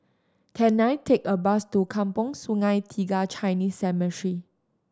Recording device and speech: standing microphone (AKG C214), read sentence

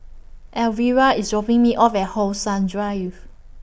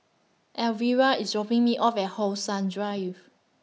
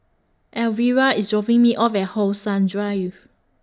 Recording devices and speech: boundary microphone (BM630), mobile phone (iPhone 6), standing microphone (AKG C214), read sentence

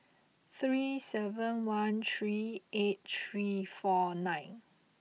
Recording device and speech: mobile phone (iPhone 6), read sentence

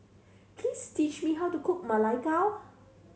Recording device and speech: mobile phone (Samsung C7100), read sentence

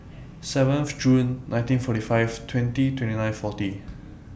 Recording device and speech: boundary microphone (BM630), read sentence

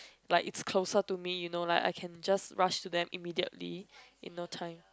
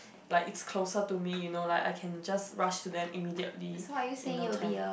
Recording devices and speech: close-talking microphone, boundary microphone, conversation in the same room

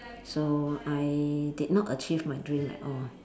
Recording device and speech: standing microphone, conversation in separate rooms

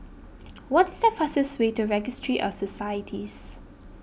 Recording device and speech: boundary microphone (BM630), read sentence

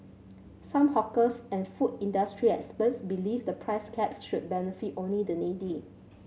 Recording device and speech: mobile phone (Samsung C7100), read sentence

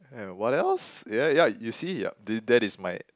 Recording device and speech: close-talking microphone, conversation in the same room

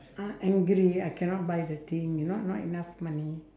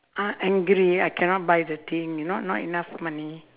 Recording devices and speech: standing microphone, telephone, conversation in separate rooms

